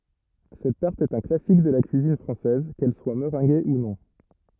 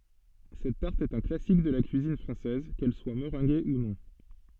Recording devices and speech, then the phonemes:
rigid in-ear microphone, soft in-ear microphone, read sentence
sɛt taʁt ɛt œ̃ klasik də la kyizin fʁɑ̃sɛz kɛl swa məʁɛ̃ɡe u nɔ̃

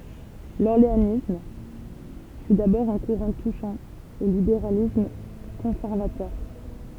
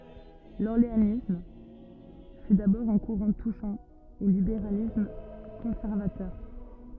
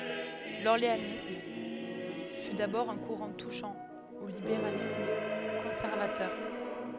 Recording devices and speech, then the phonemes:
temple vibration pickup, rigid in-ear microphone, headset microphone, read sentence
lɔʁleanism fy dabɔʁ œ̃ kuʁɑ̃ tuʃɑ̃ o libeʁalism kɔ̃sɛʁvatœʁ

